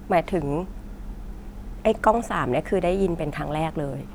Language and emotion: Thai, neutral